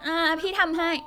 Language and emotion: Thai, happy